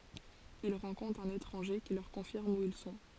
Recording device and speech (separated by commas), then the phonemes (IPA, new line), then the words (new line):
forehead accelerometer, read sentence
il ʁɑ̃kɔ̃tʁt œ̃n etʁɑ̃ʒe ki lœʁ kɔ̃fiʁm u il sɔ̃
Ils rencontrent un étranger qui leur confirme où ils sont.